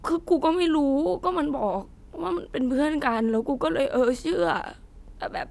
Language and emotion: Thai, sad